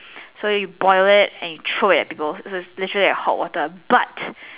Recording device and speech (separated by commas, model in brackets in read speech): telephone, conversation in separate rooms